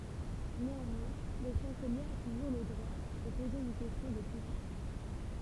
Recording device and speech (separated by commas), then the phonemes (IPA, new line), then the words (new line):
temple vibration pickup, read sentence
neɑ̃mwɛ̃ lə ʃɑ̃səlje a tuʒuʁ lə dʁwa də poze yn kɛstjɔ̃ də kɔ̃fjɑ̃s
Néanmoins, le chancelier a toujours le droit de poser une question de confiance.